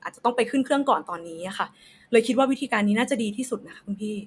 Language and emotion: Thai, neutral